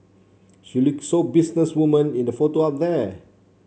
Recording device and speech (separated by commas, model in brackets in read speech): mobile phone (Samsung C7), read sentence